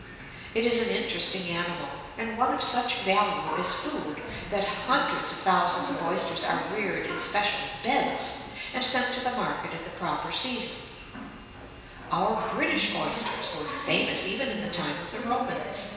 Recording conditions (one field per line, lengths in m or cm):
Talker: one person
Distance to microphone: 1.7 m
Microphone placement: close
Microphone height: 1.0 m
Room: very reverberant, large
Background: television